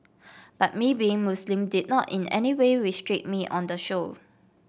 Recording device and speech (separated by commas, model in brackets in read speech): boundary microphone (BM630), read sentence